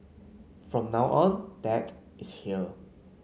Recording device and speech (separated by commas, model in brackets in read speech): mobile phone (Samsung C9), read sentence